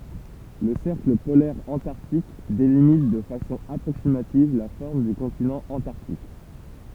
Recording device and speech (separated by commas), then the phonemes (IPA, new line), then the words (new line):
temple vibration pickup, read sentence
lə sɛʁkl polɛʁ ɑ̃taʁtik delimit də fasɔ̃ apʁoksimativ la fɔʁm dy kɔ̃tinɑ̃ ɑ̃taʁtik
Le cercle polaire antarctique délimite de façon approximative la forme du continent Antarctique.